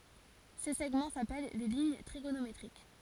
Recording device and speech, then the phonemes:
forehead accelerometer, read sentence
se sɛɡmɑ̃ sapɛl le liɲ tʁiɡonometʁik

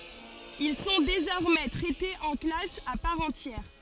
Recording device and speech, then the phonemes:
forehead accelerometer, read sentence
il sɔ̃ dezɔʁmɛ tʁɛtez ɑ̃ klas a paʁ ɑ̃tjɛʁ

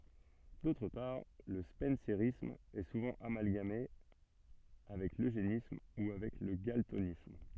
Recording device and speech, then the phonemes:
soft in-ear microphone, read sentence
dotʁ paʁ lə spɑ̃seʁism ɛ suvɑ̃ amalɡame avɛk løʒenism u avɛk lə ɡaltonism

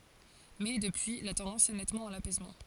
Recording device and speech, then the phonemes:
forehead accelerometer, read sentence
mɛ dəpyi la tɑ̃dɑ̃s ɛ nɛtmɑ̃ a lapɛsmɑ̃

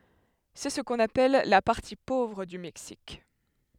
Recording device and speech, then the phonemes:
headset microphone, read sentence
sɛ sə kɔ̃n apɛl la paʁti povʁ dy mɛksik

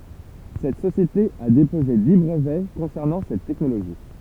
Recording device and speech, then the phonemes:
temple vibration pickup, read sentence
sɛt sosjete a depoze di bʁəvɛ kɔ̃sɛʁnɑ̃ sɛt tɛknoloʒi

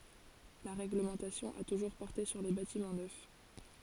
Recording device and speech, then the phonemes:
forehead accelerometer, read sentence
la ʁɛɡləmɑ̃tasjɔ̃ a tuʒuʁ pɔʁte syʁ le batimɑ̃ nœf

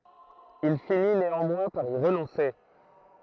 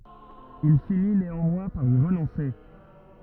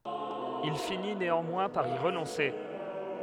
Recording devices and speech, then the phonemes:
throat microphone, rigid in-ear microphone, headset microphone, read sentence
il fini neɑ̃mwɛ̃ paʁ i ʁənɔ̃se

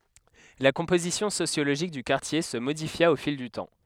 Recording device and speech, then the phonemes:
headset microphone, read sentence
la kɔ̃pozisjɔ̃ sosjoloʒik dy kaʁtje sə modifja o fil dy tɑ̃

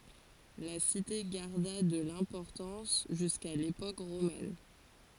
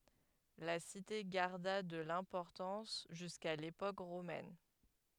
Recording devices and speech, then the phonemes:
forehead accelerometer, headset microphone, read sentence
la site ɡaʁda də lɛ̃pɔʁtɑ̃s ʒyska lepok ʁomɛn

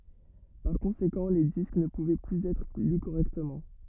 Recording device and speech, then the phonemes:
rigid in-ear microphone, read sentence
paʁ kɔ̃sekɑ̃ le disk nə puvɛ plyz ɛtʁ ly koʁɛktəmɑ̃

